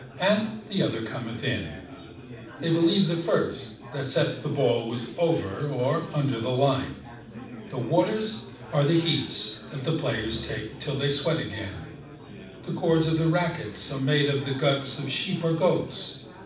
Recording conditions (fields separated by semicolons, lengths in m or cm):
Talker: one person; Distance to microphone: 5.8 m; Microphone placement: far; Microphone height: 1.8 m; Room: medium-sized (5.7 m by 4.0 m); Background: babble